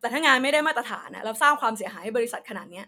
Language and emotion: Thai, angry